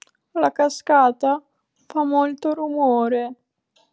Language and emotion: Italian, fearful